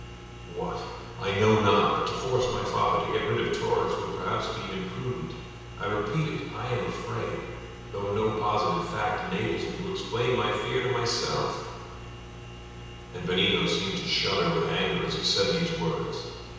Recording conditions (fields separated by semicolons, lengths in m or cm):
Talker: one person; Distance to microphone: 7.1 m; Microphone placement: far; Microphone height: 1.7 m; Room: very reverberant, large; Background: none